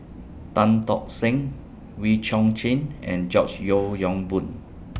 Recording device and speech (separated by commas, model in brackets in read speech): boundary microphone (BM630), read sentence